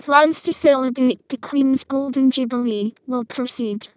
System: VC, vocoder